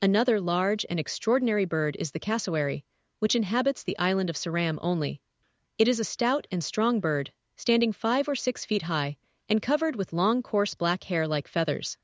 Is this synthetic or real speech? synthetic